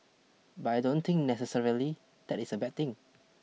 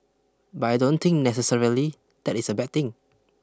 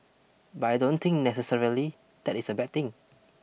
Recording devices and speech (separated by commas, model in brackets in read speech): mobile phone (iPhone 6), close-talking microphone (WH20), boundary microphone (BM630), read sentence